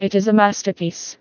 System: TTS, vocoder